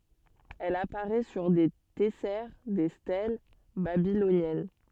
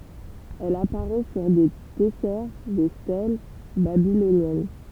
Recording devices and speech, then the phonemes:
soft in-ear microphone, temple vibration pickup, read sentence
ɛl apaʁɛ syʁ de tɛsɛʁ de stɛl babilonjɛn

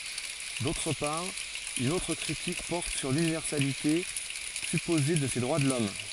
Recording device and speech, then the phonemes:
forehead accelerometer, read sentence
dotʁ paʁ yn otʁ kʁitik pɔʁt syʁ lynivɛʁsalite sypoze də se dʁwa də lɔm

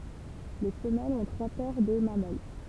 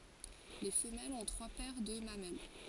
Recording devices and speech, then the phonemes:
temple vibration pickup, forehead accelerometer, read sentence
le fəmɛlz ɔ̃ tʁwa pɛʁ də mamɛl

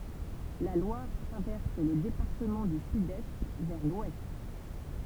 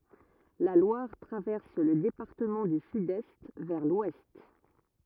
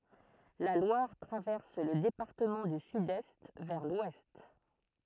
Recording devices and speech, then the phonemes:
temple vibration pickup, rigid in-ear microphone, throat microphone, read sentence
la lwaʁ tʁavɛʁs lə depaʁtəmɑ̃ dy sydɛst vɛʁ lwɛst

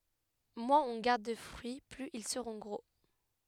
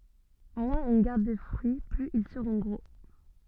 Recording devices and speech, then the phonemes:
headset microphone, soft in-ear microphone, read sentence
mwɛ̃z ɔ̃ ɡaʁd də fʁyi plyz il səʁɔ̃ ɡʁo

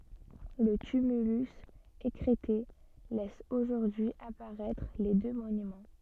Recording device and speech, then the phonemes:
soft in-ear microphone, read sentence
lə tymylys ekʁɛte lɛs oʒuʁdyi apaʁɛtʁ le dø monymɑ̃

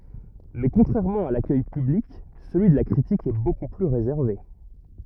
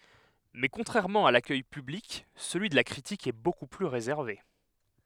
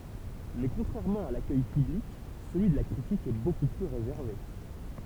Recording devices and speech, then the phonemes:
rigid in-ear microphone, headset microphone, temple vibration pickup, read sentence
mɛ kɔ̃tʁɛʁmɑ̃ a lakœj pyblik səlyi də la kʁitik ɛ boku ply ʁezɛʁve

